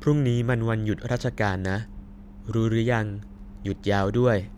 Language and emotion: Thai, neutral